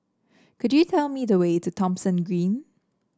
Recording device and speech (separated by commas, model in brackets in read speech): standing microphone (AKG C214), read sentence